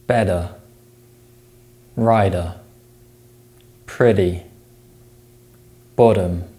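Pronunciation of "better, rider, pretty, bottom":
In each of these words, the t sound between vowels is replaced with a voiced tap.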